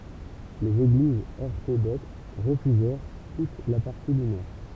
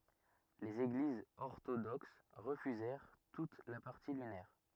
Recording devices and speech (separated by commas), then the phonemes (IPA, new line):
temple vibration pickup, rigid in-ear microphone, read sentence
lez eɡlizz ɔʁtodoks ʁəfyzɛʁ tut la paʁti lynɛʁ